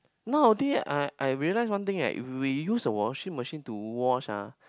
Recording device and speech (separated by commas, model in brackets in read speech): close-talking microphone, conversation in the same room